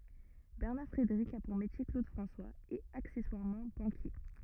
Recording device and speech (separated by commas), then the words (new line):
rigid in-ear microphone, read sentence
Bernard Frédéric a pour métier Claude François… et accessoirement, banquier.